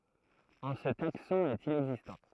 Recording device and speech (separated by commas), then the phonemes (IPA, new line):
throat microphone, read sentence
ɑ̃ sə taksɔ̃ ɛt inɛɡzistɑ̃